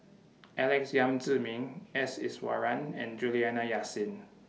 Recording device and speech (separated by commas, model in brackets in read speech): mobile phone (iPhone 6), read sentence